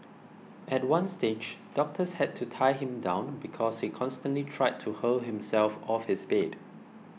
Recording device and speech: mobile phone (iPhone 6), read sentence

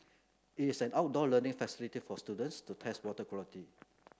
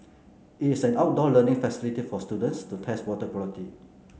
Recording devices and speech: close-talking microphone (WH30), mobile phone (Samsung C9), read sentence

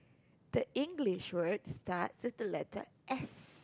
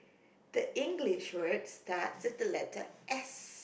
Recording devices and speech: close-talking microphone, boundary microphone, conversation in the same room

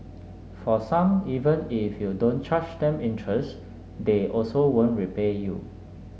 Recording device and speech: mobile phone (Samsung S8), read sentence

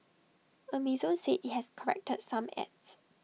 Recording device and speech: mobile phone (iPhone 6), read sentence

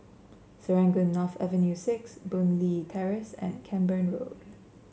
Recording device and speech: mobile phone (Samsung C7), read sentence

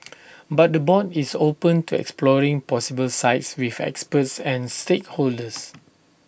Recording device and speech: boundary microphone (BM630), read sentence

